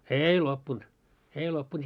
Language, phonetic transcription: Finnish, eei loppunt , 'eei 'loppunt .
- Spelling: ei loppunut ei loppunut

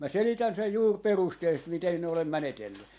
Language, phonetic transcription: Finnish, mä 'selitän sej 'juur "perusteellisest miten 'siin ‿olem "mänetelly .
- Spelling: minä selitän sen juuri perusteellisesti miten siinä olen menetellyt

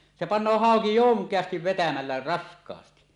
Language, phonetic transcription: Finnish, se "pan̆noo 'hàoki "joŋk̀eastiv vetämällä "rask̀aasti .
- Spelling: se panee hauki jonkeasti vetämällä raskaasti

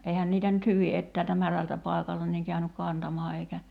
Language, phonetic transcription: Finnish, 'eihän niitä nyt "hyvi 'ettäältä "märältä 'pài̬kalta niiŋ 'käynyk "kantamaa eikä ,.
- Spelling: eihän niitä nyt hyvin etäältä märältä paikalta niin käynyt kantamaan eikä

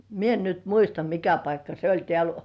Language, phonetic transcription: Finnish, 'mie en nyt "muista 'mikä paikka se oĺ 'tĕä̀l .
- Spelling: minä en nyt muista mikä paikka se oli täällä

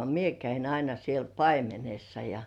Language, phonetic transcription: Finnish, 'mie käin aina siel "paimenessa ja .
- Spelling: minä kävin aina siellä paimenessa ja

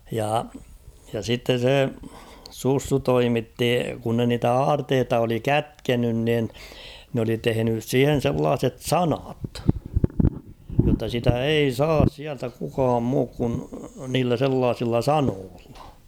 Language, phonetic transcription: Finnish, jà ja 'sitten̬ 'se , 'Sussu "toimitti , kun ne niitä "aarteeta oli "kätkenyn nin , n ‿oli 'tehenys "siihen̬ 'sellaaset "sanat , jotta sitä "ei "saas siältä kukaam 'muuk kun 'niillä 'sellaasilla "sanoollᴀ .
- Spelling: ja ja sitten se Sussu toimitti kun ne niitä aarteita oli kätkenyt niin ne oli tehnyt siihen sellaiset sanat jotta sitä ei saisi sieltä kukaan muuten kuin niillä sellaisilla sanoilla

